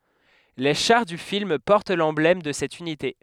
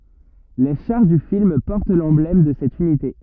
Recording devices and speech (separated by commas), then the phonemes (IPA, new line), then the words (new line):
headset microphone, rigid in-ear microphone, read sentence
le ʃaʁ dy film pɔʁt lɑ̃blɛm də sɛt ynite
Les chars du film portent l'emblème de cette unité.